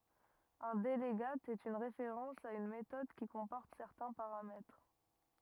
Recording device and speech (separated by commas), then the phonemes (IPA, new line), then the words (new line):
rigid in-ear microphone, read sentence
œ̃ dəlɡat ɛt yn ʁefeʁɑ̃s a yn metɔd ki kɔ̃pɔʁt sɛʁtɛ̃ paʁamɛtʁ
Un delegate est une référence à une méthode qui comporte certains paramètres.